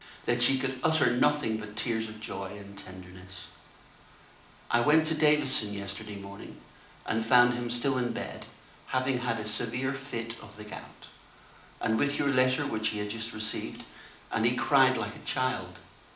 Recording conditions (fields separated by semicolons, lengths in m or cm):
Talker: one person; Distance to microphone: 2.0 m; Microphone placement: close; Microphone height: 99 cm; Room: medium-sized (5.7 m by 4.0 m); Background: none